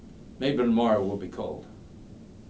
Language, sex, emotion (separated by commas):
English, male, neutral